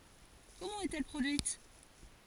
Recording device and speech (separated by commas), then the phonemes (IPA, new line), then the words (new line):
forehead accelerometer, read sentence
kɔmɑ̃ ɛt ɛl pʁodyit
Comment est-elle produite?